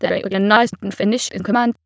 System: TTS, waveform concatenation